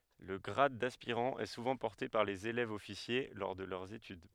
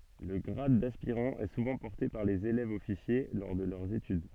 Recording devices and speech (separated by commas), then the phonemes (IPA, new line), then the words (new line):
headset microphone, soft in-ear microphone, read sentence
lə ɡʁad daspiʁɑ̃ ɛ suvɑ̃ pɔʁte paʁ lez elɛvzɔfisje lɔʁ də lœʁz etyd
Le grade d'aspirant est souvent porté par les élèves-officiers lors de leurs études.